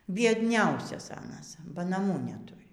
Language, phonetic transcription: Lithuanian, biedˈniausias ˈanas ba naˈmų neˈturi

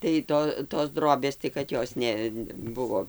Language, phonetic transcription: Lithuanian, tai ˈto tos ˈdrobės tai kad ˈjos neˈbuvo

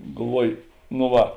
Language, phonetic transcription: Lithuanian, galˈvuoj no ˈva

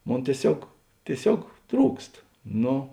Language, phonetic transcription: Lithuanian, ˈmon tieˈsiog tieˈsiog ˈtrūkst ˈno

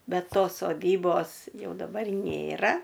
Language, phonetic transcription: Lithuanian, ˈbet ˈtos soˈdybos ˈjau daˈbar ˈnėra

